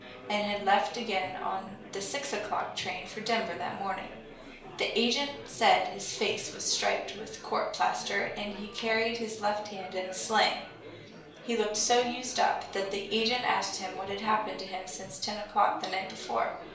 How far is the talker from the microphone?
1.0 m.